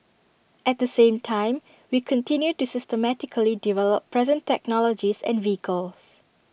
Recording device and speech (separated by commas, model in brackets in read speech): boundary microphone (BM630), read sentence